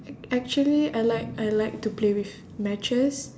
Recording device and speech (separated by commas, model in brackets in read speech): standing microphone, conversation in separate rooms